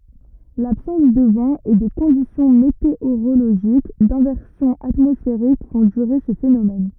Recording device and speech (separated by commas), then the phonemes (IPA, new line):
rigid in-ear microphone, read sentence
labsɑ̃s də vɑ̃ e de kɔ̃disjɔ̃ meteoʁoloʒik dɛ̃vɛʁsjɔ̃ atmɔsfeʁik fɔ̃ dyʁe sə fenomɛn